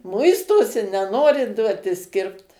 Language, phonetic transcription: Lithuanian, ˈmuistosi neˈnori ˈduotis ˈkirpt

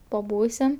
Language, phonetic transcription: Lithuanian, paˈbūsim

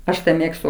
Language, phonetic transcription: Lithuanian, ˈaš ˈmėgstu

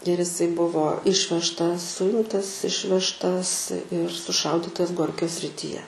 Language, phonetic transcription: Lithuanian, ir iˈsai ˈbuvo ˈišvežtas ˈsuimtas ˈišvežtas ir suˈšaudytas ˈgorkio srityˈje

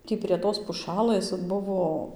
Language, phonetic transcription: Lithuanian, ˈtį prie ˈtos puˈšalɘs ˈbuvo

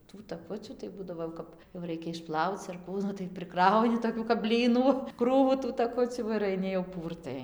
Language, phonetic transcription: Lithuanian, tų taˈkucių tai ˈbūdavo jau ˈkap jau ˈraikia išˈplauc ar ˈkų ˈnu tai priˈkrauni toˈkių kap ˈblynų ˈkrūvų tų taˈkucių ir aiˈni jau ˈpūrtai

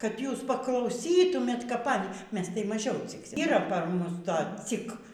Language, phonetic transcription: Lithuanian, kad ˈjūs paklauˈsytumėt kap ˈany ˈmes tai maˈžiau cikˈsim yˈra par ˈmus ˈto ˈcik

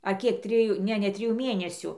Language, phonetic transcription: Lithuanian, a ˈkiek ˈtrijų ˈne ne ˈtrijų ˈmėnesiu

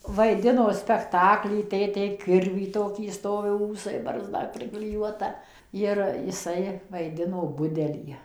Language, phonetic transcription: Lithuanian, vaiˈdino spekˈtakly ˈtėtė ˈkirvį ˈtokį ˈstovi ˈūsai barzˈda prikliˈjuota jir jiˈsai vaiˈdino ˈbudelį

